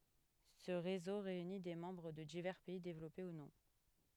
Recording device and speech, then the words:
headset microphone, read sentence
Ce réseau réunit des membres de divers pays développés ou non.

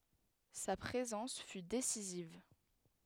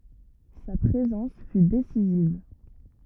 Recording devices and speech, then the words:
headset microphone, rigid in-ear microphone, read sentence
Sa présence fut décisive.

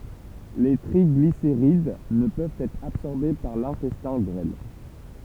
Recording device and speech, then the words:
temple vibration pickup, read sentence
Les triglycérides ne peuvent être absorbés par l'intestin grêle.

